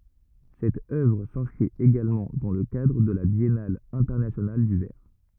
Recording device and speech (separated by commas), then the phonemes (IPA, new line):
rigid in-ear microphone, read sentence
sɛt œvʁ sɛ̃skʁit eɡalmɑ̃ dɑ̃ lə kadʁ də la bjɛnal ɛ̃tɛʁnasjonal dy vɛʁ